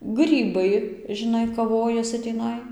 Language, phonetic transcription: Lithuanian, ˈgrybai žiˈnai kaˈvojasi tįˈnai

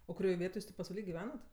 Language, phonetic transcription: Lithuanian, o kuˈrioj ˈvietoj ˈjūs tė pasvaˈly giˈvenat

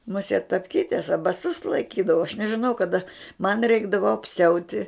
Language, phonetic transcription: Lithuanian, muˈsiet tapˈkytes a baˈsus laiˈkydava aš nežiˈnau kaˈda man ˈreikdavo apˈsiauti

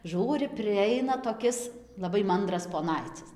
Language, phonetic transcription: Lithuanian, ˈžūri priˈaina toˈkis laˈbai ˈmandras poˈnaicis

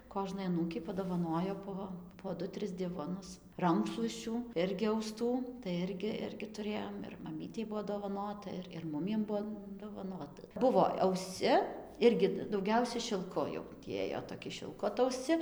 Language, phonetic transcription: Lithuanian, ˈkožnai aˈnūkei padovaˈnojo po po ˈdu ˈtris ˈdivonus ˈrankšluosčių ˈirgi auˈstų tai ˈirgi ˈirgi tuˈrėjom ir maˈmytei ˈbuvo dovaˈnota ir ir ˈmumiem ˈbuo dovaˈnota ˈbuvo auˈsci ˈirgi dauˈgiausia šilˈku jau tį ˈėjo toˈki šilˈku atauˈsci

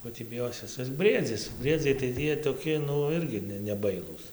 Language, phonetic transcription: Lithuanian, ˈko tį biˈjosis ˈis ˈbriedzis ˈbriedziai tai ˈjie toˈki ˈnu ˈirgi ˈne neˈbailūs

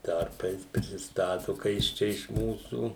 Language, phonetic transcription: Lithuanian, ˈtarpais prisiˈstatu ka jis ˈčia iš ˈmūsų

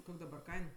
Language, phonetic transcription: Lithuanian, ˈkok' daˈbar ˈkain

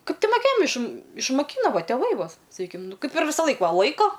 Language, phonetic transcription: Lithuanian, ˈkaip ˈti moˈkėjam iš išmaˈkyno ˈva tėˈvai ˈvo saˈkykim ˈnu ˈkaip ir visaˈlaik ˈva ˈlaiko

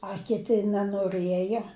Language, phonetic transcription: Lithuanian, a kiˈti nenoˈrɘjo

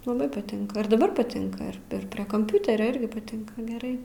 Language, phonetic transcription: Lithuanian, laˈbai paˈtinka ir daˈbar paˈtinka ir ir ˈprie kamˈpiuterio ˈirgi paˈtinka geˈrai

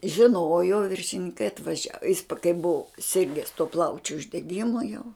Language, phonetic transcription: Lithuanian, žiˈnojo viršininˈkai atvaˈžia jis pa kai buvu ˈsirges tuo ˈplaučiu uždeˈgimu jau

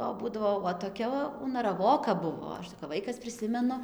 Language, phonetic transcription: Lithuanian, o ˈbūdavo o toˈkia unaraˈvoka ˈbuvo ˈaš tai kap ˈvaikas priˈsimenu

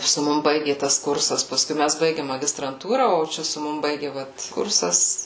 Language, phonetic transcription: Lithuanian, su ˈmum ˈbaigė ˈtas ˈkursas paˈskui ˈmæs ˈbaigėm magistranˈtūra o ˈčia su ˈmum ˈbaigi ˈvat ˈkursas

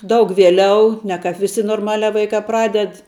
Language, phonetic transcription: Lithuanian, ˈdaug vieˈliau ˈne ˌkāp viˈsi norˈmaliā ˈvaikā ˈpraded

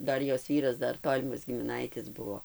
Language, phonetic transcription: Lithuanian, ˈdar ˈjos ˈvyras ˈdar ˈtolimas gimiˈnaitis ˈbuvo

